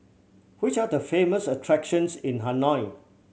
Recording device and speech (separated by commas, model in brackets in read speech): mobile phone (Samsung C7100), read sentence